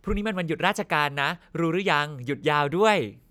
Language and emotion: Thai, happy